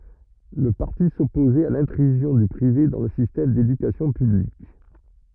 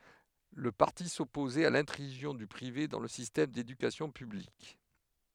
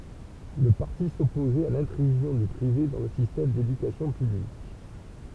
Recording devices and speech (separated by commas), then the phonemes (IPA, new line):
rigid in-ear microphone, headset microphone, temple vibration pickup, read sentence
lə paʁti sɔpozɛt a lɛ̃tʁyzjɔ̃ dy pʁive dɑ̃ lə sistɛm dedykasjɔ̃ pyblik